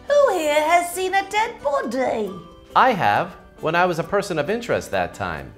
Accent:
exaggerated English accent